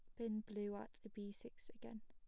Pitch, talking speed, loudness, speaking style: 215 Hz, 200 wpm, -50 LUFS, plain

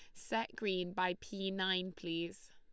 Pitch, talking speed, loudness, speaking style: 185 Hz, 155 wpm, -38 LUFS, Lombard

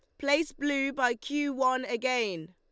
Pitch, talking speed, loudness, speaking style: 265 Hz, 155 wpm, -29 LUFS, Lombard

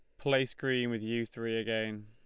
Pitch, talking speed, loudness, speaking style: 115 Hz, 195 wpm, -33 LUFS, Lombard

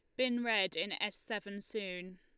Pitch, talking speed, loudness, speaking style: 205 Hz, 185 wpm, -36 LUFS, Lombard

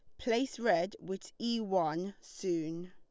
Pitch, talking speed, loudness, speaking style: 190 Hz, 135 wpm, -35 LUFS, Lombard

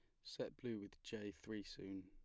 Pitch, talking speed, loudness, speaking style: 105 Hz, 200 wpm, -50 LUFS, plain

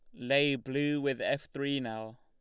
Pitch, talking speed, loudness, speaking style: 140 Hz, 180 wpm, -32 LUFS, Lombard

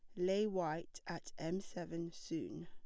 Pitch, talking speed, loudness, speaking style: 180 Hz, 145 wpm, -42 LUFS, plain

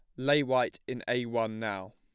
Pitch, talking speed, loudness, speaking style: 125 Hz, 205 wpm, -31 LUFS, plain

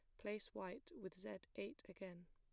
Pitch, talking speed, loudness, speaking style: 190 Hz, 175 wpm, -52 LUFS, plain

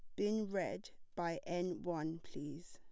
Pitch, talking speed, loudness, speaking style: 175 Hz, 145 wpm, -42 LUFS, plain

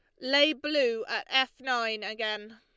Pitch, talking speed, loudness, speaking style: 265 Hz, 155 wpm, -28 LUFS, Lombard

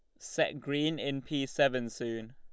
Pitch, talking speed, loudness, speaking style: 140 Hz, 170 wpm, -33 LUFS, Lombard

